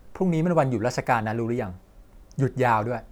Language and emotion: Thai, frustrated